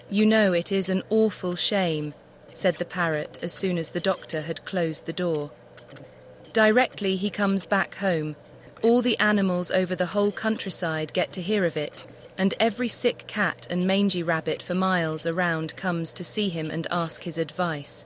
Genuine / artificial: artificial